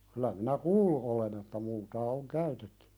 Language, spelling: Finnish, kyllä minä kuullut olen että multaa on käytetty
- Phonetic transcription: kylä minä "kuullu ’olen ‿että multaa oŋ "käytettʏ .

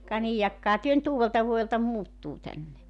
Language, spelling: Finnish, ka niin jahkahan te nyt uudeltavuodelta muuttuu tänne
- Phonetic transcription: ka 'niij 'jakkaha työ nʸt 'uuveltavuojelta 'muuttuu tänne .

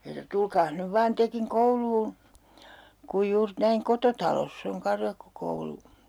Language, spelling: Finnish, ja se sanoi tulkaas nyt vain tekin kouluun kun juuri näin kototalossa on karjakkokoulu
- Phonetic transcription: ja 'se (sano) » 'tulkaas nyv 'vaan 'tekiŋ "koulluun̬ , kuj juur 'näiŋ "kototaloss ‿oŋ 'karjakkokoulu » .

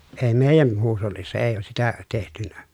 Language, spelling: Finnish, ei meidän huushollissa ei ole sitä tehty
- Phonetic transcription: ee meejän , huushollissa ee oos sitä , tehtynä .

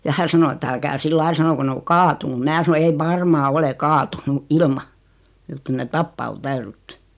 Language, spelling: Finnish, ja hän sanoi että älkää sillä lailla sanoko ne on kaatunut minä sanoi ei varmaan ole kaatunut ilman jotta kyllä ne tappaa on täydytty
- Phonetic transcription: ja 'hä sano et » 'älkää "sillail sanoko 'ne o "kaatunu « 'mⁱnää sano » 'ei "varmaa 'ole "kaatunu , "ilma , jot 'kyl net "tappaa o "täyrytty « .

